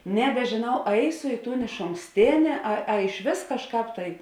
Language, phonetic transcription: Lithuanian, nebeˈžėnau ˈaisu ˈį ˌtūn išonˈkstėnė a a išˈvės kažˈkāp tai

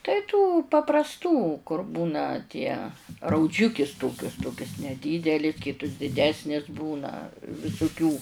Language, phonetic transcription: Lithuanian, tai tų paprasˈtų kur ˈbūna tie rauˈdžiukis ˈtokius ˈtokias neˈdydeli ˈkytus diˈdesnis ˈbūna visuˈkių

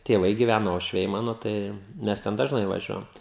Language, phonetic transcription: Lithuanian, tėˈvai gyˈvæna uošˈviai ˈmano ˈtai ˈmes ˈten dažˈnai vaˈžiuojam

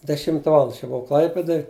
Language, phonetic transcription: Lithuanian, deˈšimta ˈvalanda aš jau buˈvau ˈklaipėdoj

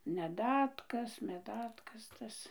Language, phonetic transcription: Lithuanian, meˈdatkas meˈdatkas tas

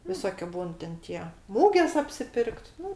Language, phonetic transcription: Lithuanian, viˈsokiu ˈbūn ten ˈtie ˈmūgės apsiˈpirkt ˈnu

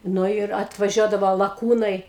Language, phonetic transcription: Lithuanian, ˈnu ir atvaˈžiuodavo laˈkūnai

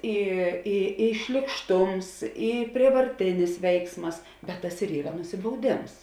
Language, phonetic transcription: Lithuanian, ˈy i i šlykˈštums i prievarˈtinis ˈveiksmas bet ˈtas ir ˈyra nusibauˈdėms

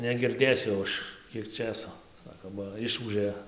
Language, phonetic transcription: Lithuanian, negirˈdėsiu jau ˈaš ˈkiek ˈčėso ˈsako ba ˈišūžė

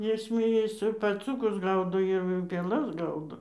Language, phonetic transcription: Lithuanian, ˈjis zmėˈjas i paˈcūkus ˈgaudo ir pėˈlas ˈgaudo

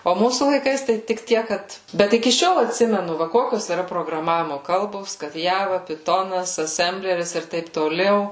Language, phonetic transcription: Lithuanian, o ˈmūsų laiˈkais ˈtai tik ˈtiek ˈkad ˈbet iki ˈšiol atˈsimenu ˈva ˈkokios yˈra prograˈmavimo ˈkalbos kad ˈjava piˈtonas aˈsembleris ir ˈtaip toˈliau

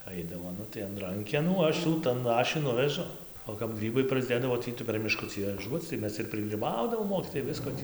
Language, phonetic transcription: Lithuanian, ˈaidavo ˈnu tai an ˈrankenų ˈaš jų ˈtan ˈaš jų ˈnuvežu o kap ˈgrybai prasˈdėdavo ˈtį tai per miˈškucį vaˈžuoc tai ˈmes ir prigryˈbaudavom ˈmokytojai ˈvisko tį

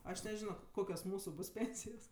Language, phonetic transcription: Lithuanian, aš neˈžino ˈkokios ˈmūsu ˈbus ˈpėnsijos

